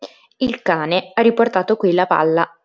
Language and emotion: Italian, neutral